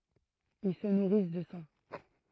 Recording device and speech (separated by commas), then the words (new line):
throat microphone, read sentence
Ils se nourrissent de sang.